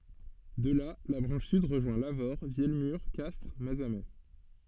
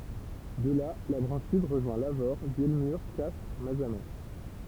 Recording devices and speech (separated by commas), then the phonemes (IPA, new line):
soft in-ear microphone, temple vibration pickup, read sentence
də la la bʁɑ̃ʃ syd ʁəʒwɛ̃ lavoʁ vjɛlmyʁ kastʁ mazamɛ